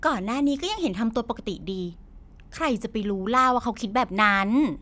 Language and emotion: Thai, happy